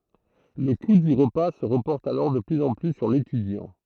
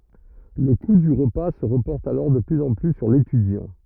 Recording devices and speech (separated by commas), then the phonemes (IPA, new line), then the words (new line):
throat microphone, rigid in-ear microphone, read sentence
lə ku dy ʁəpa sə ʁəpɔʁt alɔʁ də plyz ɑ̃ ply syʁ letydjɑ̃
Le coût du repas se reporte alors de plus en plus sur l'étudiant.